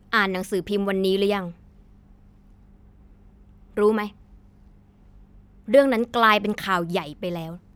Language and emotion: Thai, frustrated